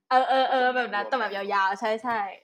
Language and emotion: Thai, happy